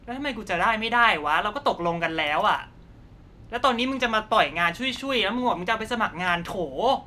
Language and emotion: Thai, angry